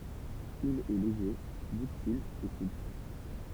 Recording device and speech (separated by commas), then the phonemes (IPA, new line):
temple vibration pickup, read sentence
il ɛ leʒe dyktil e supl